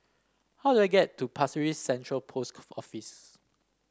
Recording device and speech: standing microphone (AKG C214), read sentence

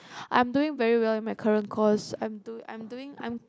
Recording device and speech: close-talking microphone, conversation in the same room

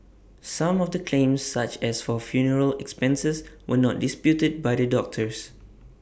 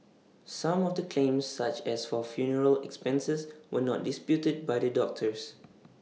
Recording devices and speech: boundary microphone (BM630), mobile phone (iPhone 6), read sentence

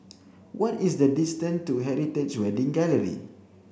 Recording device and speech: boundary microphone (BM630), read sentence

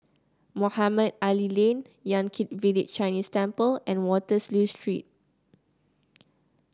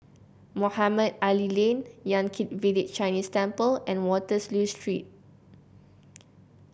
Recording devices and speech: close-talking microphone (WH30), boundary microphone (BM630), read sentence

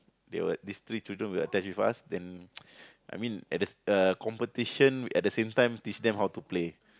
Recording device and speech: close-talking microphone, conversation in the same room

